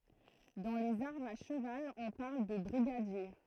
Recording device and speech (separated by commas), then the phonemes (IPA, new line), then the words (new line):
throat microphone, read sentence
dɑ̃ lez aʁmz a ʃəval ɔ̃ paʁl də bʁiɡadje
Dans les armes à cheval on parle de brigadier.